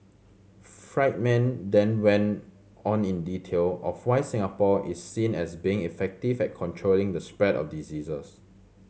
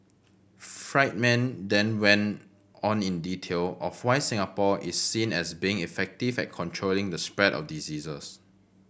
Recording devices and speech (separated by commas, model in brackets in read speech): mobile phone (Samsung C7100), boundary microphone (BM630), read sentence